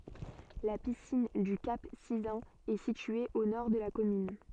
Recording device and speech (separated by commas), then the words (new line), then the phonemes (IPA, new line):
soft in-ear microphone, read sentence
La piscine du Cap Sizun est située au nord de la commune.
la pisin dy kap sizœ̃n ɛ sitye o nɔʁ də la kɔmyn